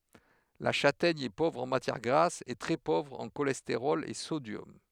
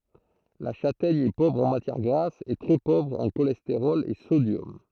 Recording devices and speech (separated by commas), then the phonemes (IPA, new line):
headset microphone, throat microphone, read sentence
la ʃatɛɲ ɛ povʁ ɑ̃ matjɛʁ ɡʁas e tʁɛ povʁ ɑ̃ ʃolɛsteʁɔl e sodjɔm